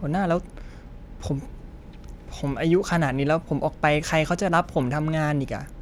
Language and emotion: Thai, frustrated